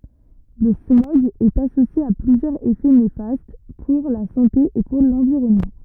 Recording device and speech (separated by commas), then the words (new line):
rigid in-ear microphone, read sentence
Le smog est associé à plusieurs effets néfastes pour la santé et pour l'environnement.